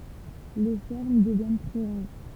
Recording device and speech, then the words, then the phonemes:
temple vibration pickup, read sentence
Les fermes deviennent très rares.
le fɛʁm dəvjɛn tʁɛ ʁaʁ

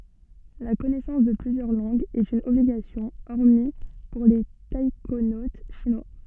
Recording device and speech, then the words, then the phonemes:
soft in-ear microphone, read sentence
La connaissance de plusieurs langues est une obligation hormis pour les taïkonautes chinois.
la kɔnɛsɑ̃s də plyzjœʁ lɑ̃ɡz ɛt yn ɔbliɡasjɔ̃ ɔʁmi puʁ le taikonot ʃinwa

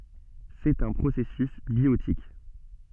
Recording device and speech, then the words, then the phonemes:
soft in-ear microphone, read sentence
C'est un processus biotique.
sɛt œ̃ pʁosɛsys bjotik

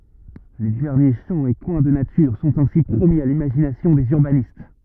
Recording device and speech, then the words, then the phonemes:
rigid in-ear microphone, read sentence
Les derniers champs et coins de nature sont ainsi promis à l'imagination des urbanistes.
le dɛʁnje ʃɑ̃ e kwɛ̃ də natyʁ sɔ̃t ɛ̃si pʁomi a limaʒinasjɔ̃ dez yʁbanist

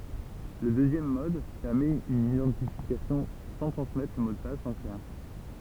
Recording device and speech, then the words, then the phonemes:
temple vibration pickup, read sentence
Le deuxième mode permet une identification sans transmettre le mot de passe en clair.
lə døzjɛm mɔd pɛʁmɛt yn idɑ̃tifikasjɔ̃ sɑ̃ tʁɑ̃smɛtʁ lə mo də pas ɑ̃ klɛʁ

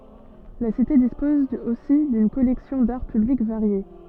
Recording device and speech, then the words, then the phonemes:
soft in-ear microphone, read sentence
La cité dispose aussi d'une collection d'Art Public variée.
la site dispɔz osi dyn kɔlɛksjɔ̃ daʁ pyblik vaʁje

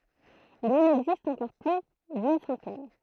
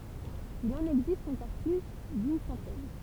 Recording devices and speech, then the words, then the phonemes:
throat microphone, temple vibration pickup, read sentence
Il en existe encore plus d'une centaine.
il ɑ̃n ɛɡzist ɑ̃kɔʁ ply dyn sɑ̃tɛn

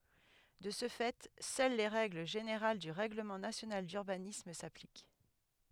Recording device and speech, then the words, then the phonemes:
headset microphone, read sentence
De ce fait seules les règles générales du règlement national d'urbanisme s'appliquent.
də sə fɛ sœl le ʁɛɡl ʒeneʁal dy ʁɛɡləmɑ̃ nasjonal dyʁbanism saplik

